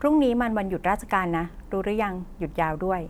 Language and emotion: Thai, neutral